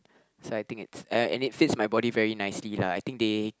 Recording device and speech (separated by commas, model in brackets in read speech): close-talking microphone, conversation in the same room